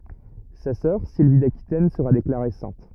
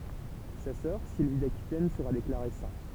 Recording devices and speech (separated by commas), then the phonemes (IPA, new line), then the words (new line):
rigid in-ear microphone, temple vibration pickup, read sentence
sa sœʁ silvi dakitɛn səʁa deklaʁe sɛ̃t
Sa sœur, Sylvie d'Aquitaine, sera déclarée sainte.